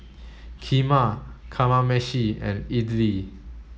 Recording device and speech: mobile phone (Samsung S8), read sentence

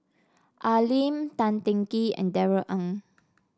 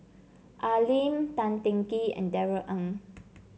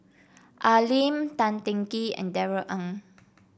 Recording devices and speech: standing microphone (AKG C214), mobile phone (Samsung C7), boundary microphone (BM630), read sentence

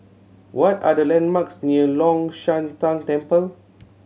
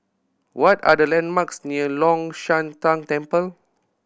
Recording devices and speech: mobile phone (Samsung C7100), boundary microphone (BM630), read sentence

